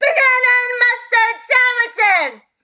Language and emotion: English, neutral